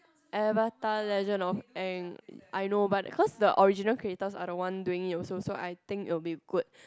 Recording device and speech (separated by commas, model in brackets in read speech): close-talking microphone, conversation in the same room